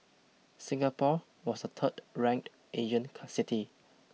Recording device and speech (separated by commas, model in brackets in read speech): mobile phone (iPhone 6), read sentence